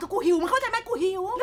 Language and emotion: Thai, angry